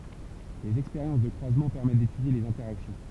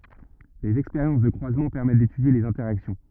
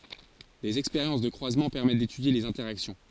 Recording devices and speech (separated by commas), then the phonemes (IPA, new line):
temple vibration pickup, rigid in-ear microphone, forehead accelerometer, read sentence
dez ɛkspeʁjɑ̃s də kʁwazmɑ̃ pɛʁmɛt detydje lez ɛ̃tɛʁaksjɔ̃